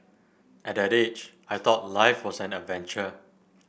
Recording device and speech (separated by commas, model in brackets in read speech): boundary microphone (BM630), read sentence